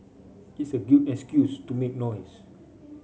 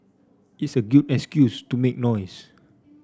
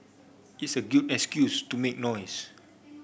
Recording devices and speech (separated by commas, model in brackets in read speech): mobile phone (Samsung C5), standing microphone (AKG C214), boundary microphone (BM630), read sentence